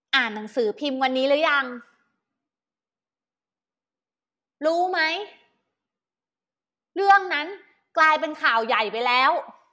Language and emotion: Thai, angry